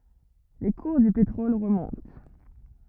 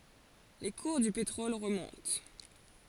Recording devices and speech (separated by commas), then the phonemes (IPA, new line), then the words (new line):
rigid in-ear microphone, forehead accelerometer, read sentence
le kuʁ dy petʁɔl ʁəmɔ̃t
Les cours du pétrole remontent.